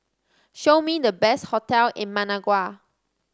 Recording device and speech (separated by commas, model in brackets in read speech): standing microphone (AKG C214), read sentence